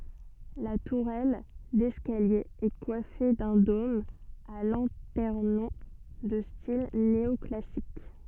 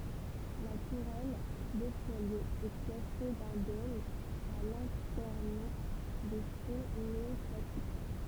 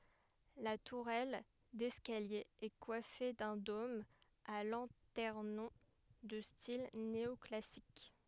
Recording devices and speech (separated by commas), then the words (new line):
soft in-ear microphone, temple vibration pickup, headset microphone, read sentence
La tourelle d'escalier est coiffée d'un dôme à lanternon de style néoclassique.